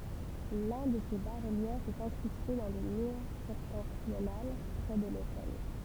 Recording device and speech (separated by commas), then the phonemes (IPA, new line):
temple vibration pickup, read sentence
lœ̃ də se ba ʁəljɛfz ɛt ɛ̃kʁyste dɑ̃ lə myʁ sɛptɑ̃tʁional pʁɛ də lotɛl